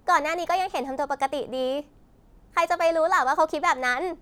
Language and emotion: Thai, happy